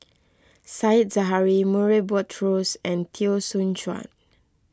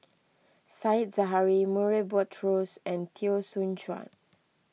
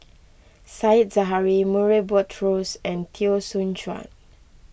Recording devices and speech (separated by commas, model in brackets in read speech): close-talking microphone (WH20), mobile phone (iPhone 6), boundary microphone (BM630), read sentence